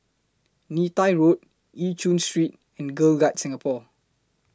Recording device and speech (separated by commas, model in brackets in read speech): close-talking microphone (WH20), read sentence